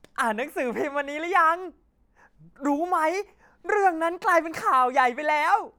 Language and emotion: Thai, happy